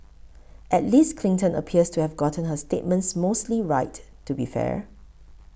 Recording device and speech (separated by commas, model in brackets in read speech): boundary microphone (BM630), read sentence